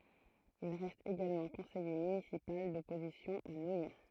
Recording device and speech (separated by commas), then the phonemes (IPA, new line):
throat microphone, read sentence
il ʁɛst eɡalmɑ̃ kɔ̃sɛje mynisipal dɔpozisjɔ̃ a nwajɔ̃